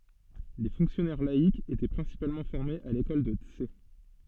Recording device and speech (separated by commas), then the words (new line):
soft in-ear microphone, read sentence
Les fonctionnaires laïcs étaient principalement formés à l'école de Tse.